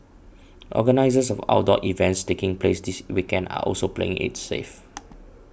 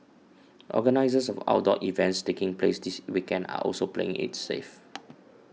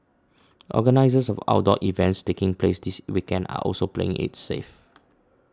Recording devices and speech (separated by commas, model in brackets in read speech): boundary microphone (BM630), mobile phone (iPhone 6), standing microphone (AKG C214), read sentence